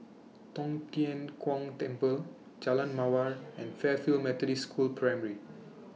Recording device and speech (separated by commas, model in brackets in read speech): mobile phone (iPhone 6), read sentence